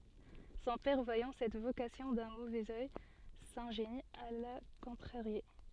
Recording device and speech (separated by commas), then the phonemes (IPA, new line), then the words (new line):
soft in-ear microphone, read sentence
sɔ̃ pɛʁ vwajɑ̃ sɛt vokasjɔ̃ dœ̃ movɛz œj sɛ̃ʒeni a la kɔ̃tʁaʁje
Son père voyant cette vocation d'un mauvais œil, s'ingénie à la contrarier.